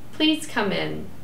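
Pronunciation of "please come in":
'Please come in' is said as a request with a rising intonation.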